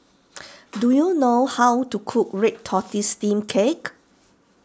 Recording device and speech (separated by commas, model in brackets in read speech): standing microphone (AKG C214), read sentence